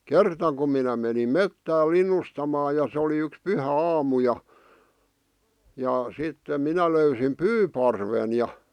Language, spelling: Finnish, kerta kun minä menin metsään linnustamaan ja se oli yksi pyhäaamu ja ja sitten minä löysin pyyparven ja
- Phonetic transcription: kerta kum minä menim "mettää "lin̆nustamaa ja sᵉ oli yks 'pyhä'aamu ja , ja , sittem 'minä löysim "pyyparven ja ,.

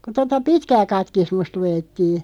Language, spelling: Finnish, kun tuota pitkää katekismusta luettiin
- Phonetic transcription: ku 'tota "pitkää 'katkismust 'luʲettii .

